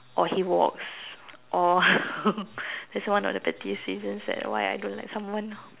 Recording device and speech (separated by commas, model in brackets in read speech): telephone, conversation in separate rooms